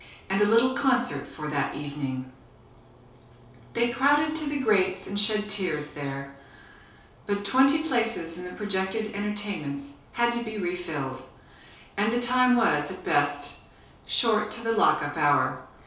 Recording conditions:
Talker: one person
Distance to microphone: 3.0 m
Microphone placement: far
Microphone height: 1.8 m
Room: small (3.7 m by 2.7 m)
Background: none

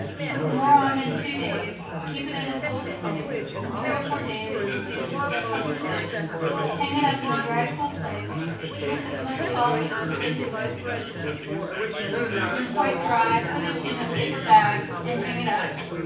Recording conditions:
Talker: one person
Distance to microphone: 9.8 m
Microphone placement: far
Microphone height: 1.8 m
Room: large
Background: babble

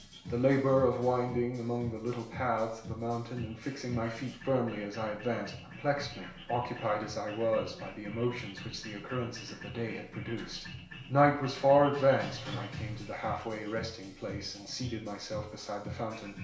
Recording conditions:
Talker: one person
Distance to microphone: 1.0 m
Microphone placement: close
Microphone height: 1.1 m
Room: small (3.7 m by 2.7 m)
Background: music

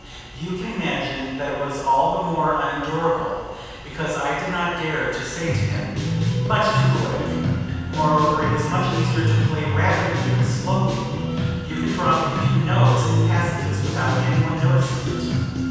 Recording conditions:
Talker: one person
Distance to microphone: 7.1 m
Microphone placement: far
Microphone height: 1.7 m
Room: very reverberant, large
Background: music

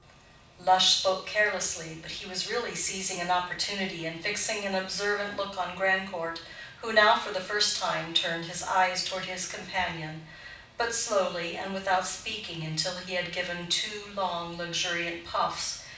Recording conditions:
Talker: one person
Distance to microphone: 5.8 m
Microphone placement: far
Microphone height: 1.8 m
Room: medium-sized (5.7 m by 4.0 m)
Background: none

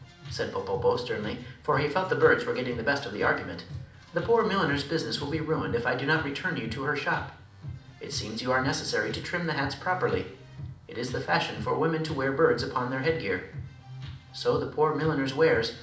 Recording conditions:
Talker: one person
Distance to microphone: 2.0 m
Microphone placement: close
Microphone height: 99 cm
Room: medium-sized (5.7 m by 4.0 m)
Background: music

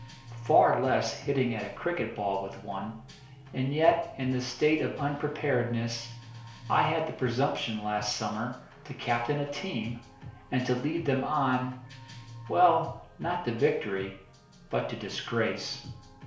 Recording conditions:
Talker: one person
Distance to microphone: 1.0 m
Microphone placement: close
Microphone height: 1.1 m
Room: small (3.7 m by 2.7 m)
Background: music

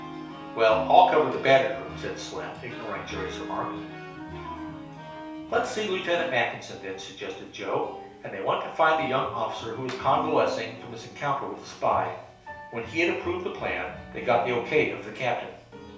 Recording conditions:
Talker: one person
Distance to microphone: 3.0 m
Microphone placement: far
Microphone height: 1.8 m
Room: small (3.7 m by 2.7 m)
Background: music

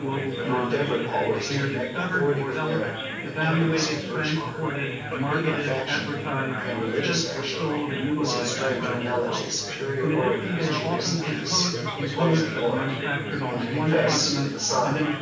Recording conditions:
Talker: one person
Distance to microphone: 9.8 m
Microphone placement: far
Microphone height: 1.8 m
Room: large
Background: babble

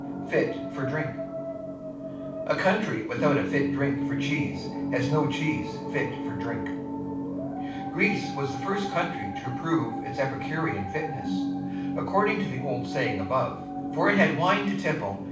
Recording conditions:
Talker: one person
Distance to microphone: 5.8 m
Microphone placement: far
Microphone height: 1.8 m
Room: medium-sized (5.7 m by 4.0 m)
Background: television

